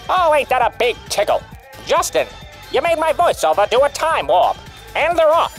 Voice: in a 1950s announcer voice